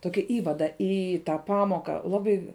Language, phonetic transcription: Lithuanian, ˈtoki ˈįvada ˈį tą ˈpamoką ˈlabai

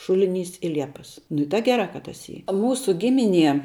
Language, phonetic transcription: Lithuanian, ˈšuliˌnys i ˈliepas ˈnu i ta geˈrā ka tas ˈy ˈmūsu ˈgimiˌnie

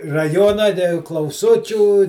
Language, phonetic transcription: Lithuanian, raˈjona te klauˈsučių

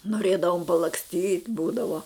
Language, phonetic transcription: Lithuanian, noˈrėdavom palaksˈtyt' ˈbūdavo

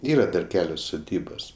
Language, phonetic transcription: Lithuanian, ˈyra dar ˈkelios suˈdybos

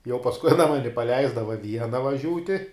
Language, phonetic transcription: Lithuanian, jau pasˈkui aˈna ˈmani paˈleisdava ˈviena vaˈžiūti

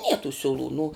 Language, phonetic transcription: Lithuanian, nie tų siuˈlų nu

